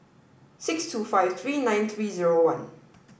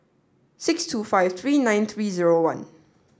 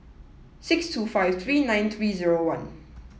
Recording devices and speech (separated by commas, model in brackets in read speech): boundary microphone (BM630), standing microphone (AKG C214), mobile phone (iPhone 7), read sentence